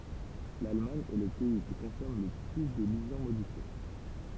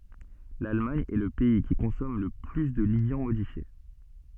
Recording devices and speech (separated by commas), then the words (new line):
temple vibration pickup, soft in-ear microphone, read sentence
L'Allemagne est le pays qui consomme le plus de liants modifiés.